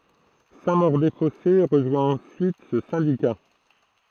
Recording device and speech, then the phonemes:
throat microphone, read sentence
sɛ̃ moʁ de fɔse ʁəʒwɛ̃ ɑ̃syit sə sɛ̃dika

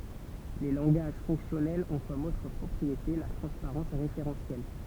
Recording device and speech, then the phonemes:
temple vibration pickup, read sentence
le lɑ̃ɡaʒ fɔ̃ksjɔnɛlz ɔ̃ kɔm otʁ pʁɔpʁiete la tʁɑ̃spaʁɑ̃s ʁefeʁɑ̃sjɛl

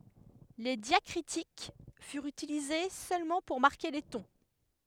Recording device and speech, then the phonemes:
headset microphone, read sentence
le djakʁitik fyʁt ytilize sølmɑ̃ puʁ maʁke le tɔ̃

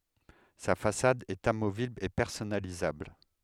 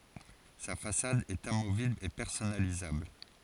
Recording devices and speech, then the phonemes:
headset microphone, forehead accelerometer, read sentence
sa fasad ɛt amovibl e pɛʁsɔnalizabl

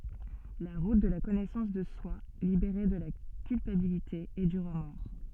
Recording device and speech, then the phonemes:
soft in-ear microphone, read sentence
la ʁut də la kɔnɛsɑ̃s də swa libeʁe də la kylpabilite e dy ʁəmɔʁ

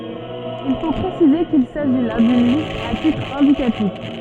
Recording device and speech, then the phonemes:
soft in-ear microphone, read sentence
il fo pʁesize kil saʒi la dyn list a titʁ ɛ̃dikatif

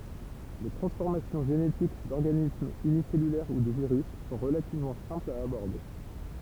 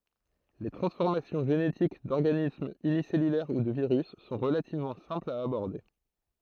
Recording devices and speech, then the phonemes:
temple vibration pickup, throat microphone, read sentence
le tʁɑ̃sfɔʁmasjɔ̃ ʒenetik dɔʁɡanismz ynisɛlylɛʁ u də viʁys sɔ̃ ʁəlativmɑ̃ sɛ̃plz a abɔʁde

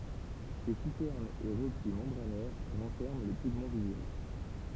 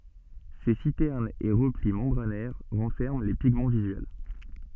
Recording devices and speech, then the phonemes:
temple vibration pickup, soft in-ear microphone, read sentence
se sitɛʁnz e ʁəpli mɑ̃bʁanɛʁ ʁɑ̃fɛʁmɑ̃ le piɡmɑ̃ vizyɛl

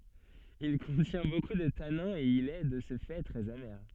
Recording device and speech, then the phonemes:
soft in-ear microphone, read sentence
il kɔ̃tjɛ̃ boku də tanɛ̃z e il ɛ də sə fɛ tʁɛz ame

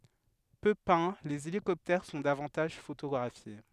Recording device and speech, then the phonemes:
headset microphone, read sentence
pø pɛ̃ lez elikɔptɛʁ sɔ̃ davɑ̃taʒ fotoɡʁafje

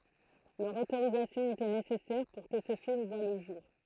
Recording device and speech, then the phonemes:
throat microphone, read sentence
lœʁ otoʁizasjɔ̃ etɛ nesɛsɛʁ puʁ kə sə film vwa lə ʒuʁ

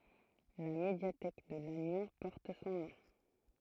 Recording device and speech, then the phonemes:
throat microphone, read sentence
la medjatɛk də lanjɔ̃ pɔʁt sɔ̃ nɔ̃

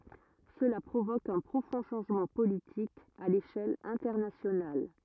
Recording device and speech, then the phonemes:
rigid in-ear microphone, read sentence
səla pʁovok œ̃ pʁofɔ̃ ʃɑ̃ʒmɑ̃ politik a leʃɛl ɛ̃tɛʁnasjonal

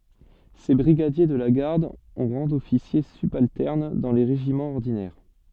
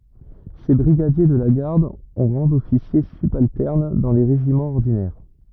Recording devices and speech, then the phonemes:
soft in-ear microphone, rigid in-ear microphone, read sentence
se bʁiɡadje də la ɡaʁd ɔ̃ ʁɑ̃ dɔfisje sybaltɛʁn dɑ̃ le ʁeʒimɑ̃z ɔʁdinɛʁ

